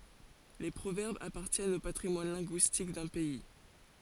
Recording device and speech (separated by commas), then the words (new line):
forehead accelerometer, read sentence
Les proverbes appartiennent au patrimoine linguistique d’un pays.